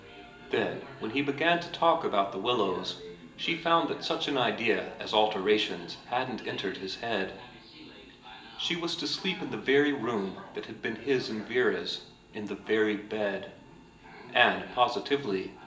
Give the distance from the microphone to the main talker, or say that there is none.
1.8 m.